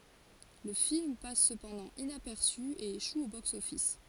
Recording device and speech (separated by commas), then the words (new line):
forehead accelerometer, read sentence
Le film passe cependant inaperçu, et échoue au box-office.